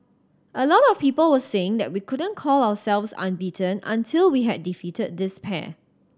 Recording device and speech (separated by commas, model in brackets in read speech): standing microphone (AKG C214), read sentence